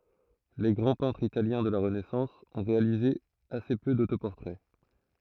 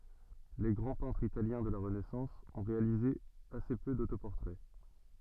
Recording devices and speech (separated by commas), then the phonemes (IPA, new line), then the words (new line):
throat microphone, soft in-ear microphone, read sentence
le ɡʁɑ̃ pɛ̃tʁz italjɛ̃ də la ʁənɛsɑ̃s ɔ̃ ʁealize ase pø dotopɔʁtʁɛ
Les grands peintres italiens de la Renaissance ont réalisé assez peu d’autoportraits.